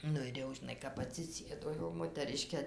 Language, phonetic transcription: Lithuanian, ˈnu ir ˈjau žiˈnai kap atsiˈsėdo jau motaˈriškė

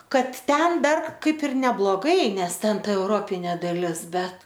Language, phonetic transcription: Lithuanian, ˈkad ˈten ˈdar ˈkaip ir nebloˈgai ˈnes ˈten ˈta euˈropinė daˈlis ˈbet

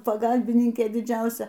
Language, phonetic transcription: Lithuanian, paˈgalbininkė diˈdžiausia

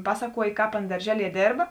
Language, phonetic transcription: Lithuanian, ˈpasaˌkuojė ˈkāp ˈana darˈželie ˈdėrba

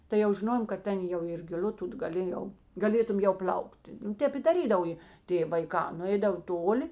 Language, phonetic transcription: Lithuanian, tai jau žiˈnojom kad ˈten jau ir giˈl'u ˈtut gaˈlėjau gaˈlėtum ˈjau ˈpl'aukti ˈtep i daˈrydav jė ˈtė vaiˈkā nuˈeidavo ˈtoˌli

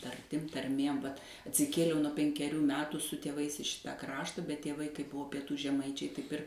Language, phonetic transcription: Lithuanian, tarˈtim tarˈmėm vat atsiˈkėliau nuo penkeˈrių ˈmetų su tėˈvais i ˈšita ˈkrašta bet tėˈvai kaip ˈbuvo pieˈtų žeˈmaičiai ˈtaip ir

